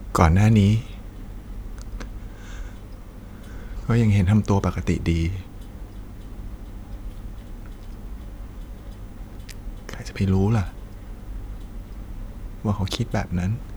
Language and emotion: Thai, sad